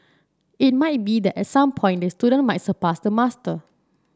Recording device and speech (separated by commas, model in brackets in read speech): standing microphone (AKG C214), read sentence